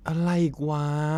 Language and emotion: Thai, frustrated